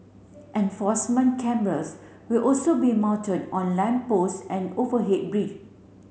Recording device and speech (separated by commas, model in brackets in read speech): mobile phone (Samsung C7), read sentence